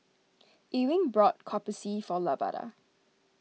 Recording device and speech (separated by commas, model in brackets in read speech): mobile phone (iPhone 6), read sentence